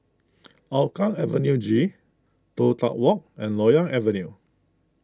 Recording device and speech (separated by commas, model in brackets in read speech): close-talking microphone (WH20), read sentence